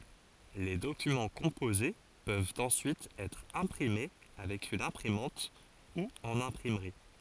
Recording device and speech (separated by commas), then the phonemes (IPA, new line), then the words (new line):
forehead accelerometer, read sentence
le dokymɑ̃ kɔ̃poze pøvt ɑ̃syit ɛtʁ ɛ̃pʁime avɛk yn ɛ̃pʁimɑ̃t u ɑ̃n ɛ̃pʁimʁi
Les documents composés peuvent ensuite être imprimés avec une imprimante ou en imprimerie.